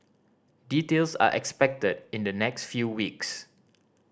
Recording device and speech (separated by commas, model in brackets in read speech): standing microphone (AKG C214), read sentence